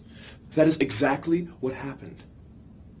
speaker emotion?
angry